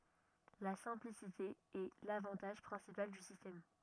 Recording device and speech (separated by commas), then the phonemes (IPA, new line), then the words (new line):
rigid in-ear microphone, read sentence
la sɛ̃plisite ɛ lavɑ̃taʒ pʁɛ̃sipal dy sistɛm
La simplicité est l'avantage principal du système.